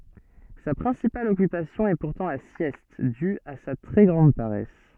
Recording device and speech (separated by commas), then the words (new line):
soft in-ear microphone, read sentence
Sa principale occupation est pourtant la sieste, due à sa très grande paresse.